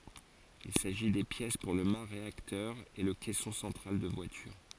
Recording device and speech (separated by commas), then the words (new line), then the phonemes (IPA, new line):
forehead accelerometer, read sentence
Il s'agit des pièces pour le mât réacteur et le caisson central de voilure.
il saʒi de pjɛs puʁ lə ma ʁeaktœʁ e lə kɛsɔ̃ sɑ̃tʁal də vwalyʁ